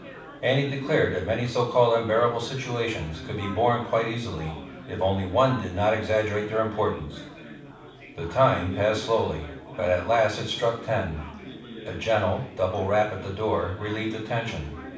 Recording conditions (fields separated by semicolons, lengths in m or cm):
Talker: one person; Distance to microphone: 5.8 m; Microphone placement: far; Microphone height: 1.8 m; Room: medium-sized (5.7 m by 4.0 m); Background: babble